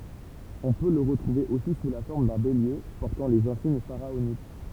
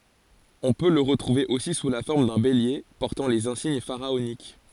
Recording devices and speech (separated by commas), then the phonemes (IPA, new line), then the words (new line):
temple vibration pickup, forehead accelerometer, read sentence
ɔ̃ pø lə ʁətʁuve osi su la fɔʁm dœ̃ belje pɔʁtɑ̃ lez ɛ̃siɲ faʁaonik
On peut le retrouver aussi sous la forme d'un bélier, portant les insignes pharaoniques.